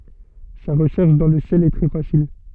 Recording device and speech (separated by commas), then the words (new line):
soft in-ear microphone, read sentence
Sa recherche dans le ciel est très facile.